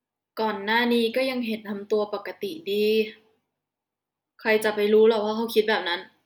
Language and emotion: Thai, frustrated